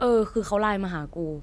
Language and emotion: Thai, neutral